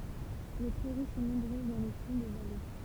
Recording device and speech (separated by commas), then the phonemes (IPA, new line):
temple vibration pickup, read sentence
le pʁɛʁi sɔ̃ nɔ̃bʁøz dɑ̃ le fɔ̃ də vale